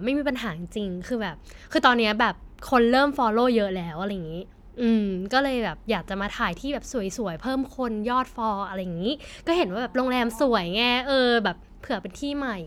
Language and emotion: Thai, happy